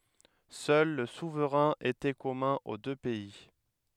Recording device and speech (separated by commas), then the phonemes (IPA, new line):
headset microphone, read sentence
sœl lə suvʁɛ̃ etɛ kɔmœ̃ o dø pɛi